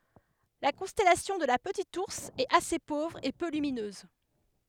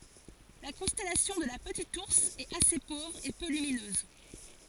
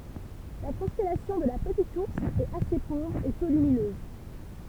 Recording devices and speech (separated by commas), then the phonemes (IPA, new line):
headset microphone, forehead accelerometer, temple vibration pickup, read sentence
la kɔ̃stɛlasjɔ̃ də la pətit uʁs ɛt ase povʁ e pø lyminøz